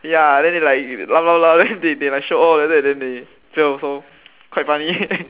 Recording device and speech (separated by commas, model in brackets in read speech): telephone, conversation in separate rooms